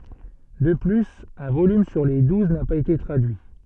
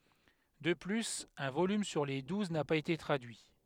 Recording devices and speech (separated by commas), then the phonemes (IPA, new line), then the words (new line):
soft in-ear microphone, headset microphone, read sentence
də plyz œ̃ volym syʁ le duz na paz ete tʁadyi
De plus, un volume sur les douze n'a pas été traduit.